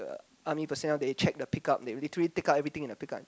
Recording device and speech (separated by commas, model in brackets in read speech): close-talking microphone, conversation in the same room